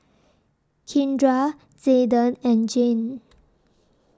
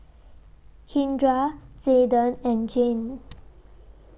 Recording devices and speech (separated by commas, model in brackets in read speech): standing microphone (AKG C214), boundary microphone (BM630), read sentence